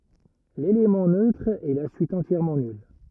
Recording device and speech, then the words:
rigid in-ear microphone, read sentence
L'élément neutre est la suite entièrement nulle.

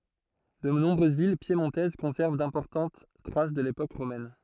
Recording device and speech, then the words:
throat microphone, read sentence
De nombreuses villes piémontaises conservent d'importantes traces de l’époque romaine.

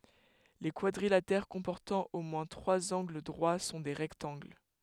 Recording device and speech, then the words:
headset microphone, read sentence
Les quadrilatères comportant au moins trois angles droits sont les rectangles.

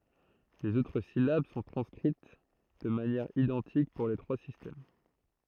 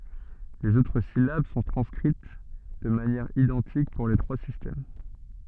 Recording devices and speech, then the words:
throat microphone, soft in-ear microphone, read sentence
Les autres syllabes sont transcrites de manière identique pour les trois systèmes.

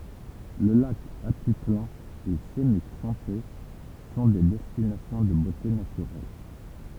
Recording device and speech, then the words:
temple vibration pickup, read sentence
Le lac Atitlán et Semuc Champey sont des destinations de beautés naturelles.

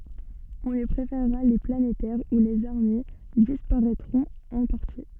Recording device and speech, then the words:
soft in-ear microphone, read sentence
On lui préfèrera les planétaires où les armilles disparaitront en partie.

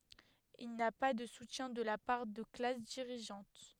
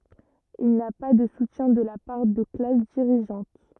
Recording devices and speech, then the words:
headset microphone, rigid in-ear microphone, read sentence
Il n'a pas de soutien de la part de classes dirigeantes.

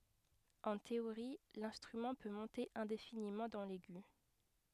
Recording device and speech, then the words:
headset microphone, read sentence
En théorie, l'instrument peut monter indéfiniment dans l'aigu.

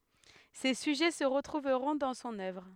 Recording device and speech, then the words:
headset microphone, read sentence
Ces sujets se retrouveront dans son œuvre.

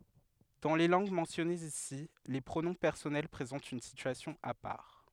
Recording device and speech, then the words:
headset microphone, read sentence
Dans les langues mentionnées ici, les pronoms personnels présentent une situation à part.

